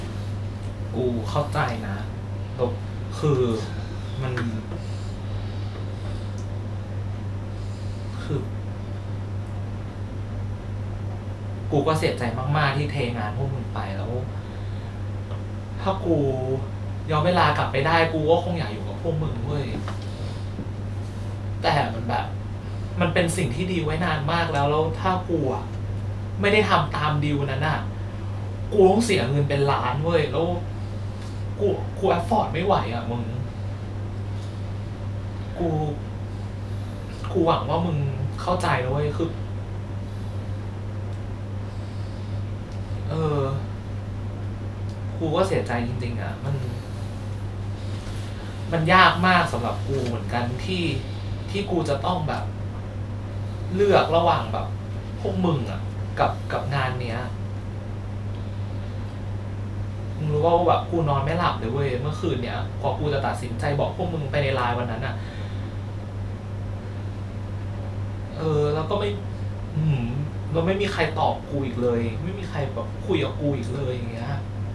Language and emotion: Thai, sad